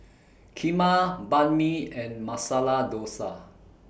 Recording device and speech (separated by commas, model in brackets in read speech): boundary microphone (BM630), read sentence